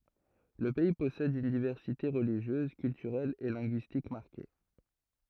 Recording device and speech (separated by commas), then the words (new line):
throat microphone, read sentence
Le pays possède une diversité religieuse, culturelle et linguistique marquée.